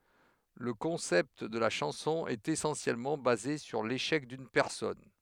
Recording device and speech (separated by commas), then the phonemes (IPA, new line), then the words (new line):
headset microphone, read sentence
lə kɔ̃sɛpt də la ʃɑ̃sɔ̃ ɛt esɑ̃sjɛlmɑ̃ baze syʁ leʃɛk dyn pɛʁsɔn
Le concept de la chanson est essentiellement basé sur l'échec d'une personne.